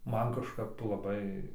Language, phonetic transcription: Lithuanian, ˈman kažˈkap laˈbai

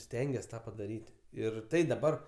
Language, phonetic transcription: Lithuanian, ˈstengias ˈtą padaˈryt' ˈir ˈtai daˈbar

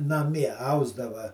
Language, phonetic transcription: Lithuanian, naˈmie ˈausdava

